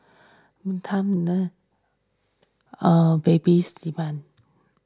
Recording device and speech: standing microphone (AKG C214), read sentence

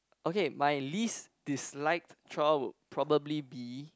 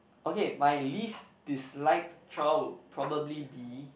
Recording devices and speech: close-talking microphone, boundary microphone, conversation in the same room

